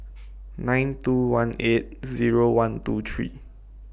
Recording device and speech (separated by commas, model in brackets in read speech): boundary microphone (BM630), read sentence